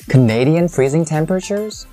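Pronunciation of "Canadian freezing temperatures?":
The word 'Canadian' is stressed, and the intonation rises all the way to the end of the question.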